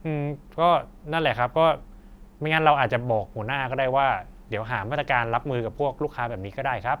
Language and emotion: Thai, neutral